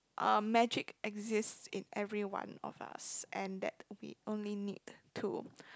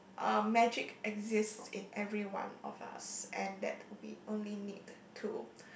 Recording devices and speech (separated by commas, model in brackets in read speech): close-talking microphone, boundary microphone, conversation in the same room